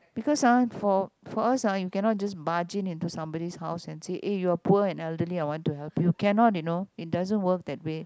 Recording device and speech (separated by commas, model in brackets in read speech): close-talking microphone, conversation in the same room